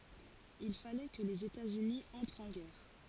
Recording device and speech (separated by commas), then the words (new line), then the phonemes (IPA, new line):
forehead accelerometer, read sentence
Il fallait que les États-Unis entrent en guerre.
il falɛ kə lez etaz yni ɑ̃tʁt ɑ̃ ɡɛʁ